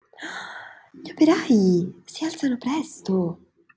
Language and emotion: Italian, surprised